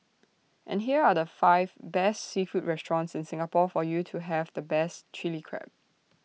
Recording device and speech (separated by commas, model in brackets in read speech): mobile phone (iPhone 6), read sentence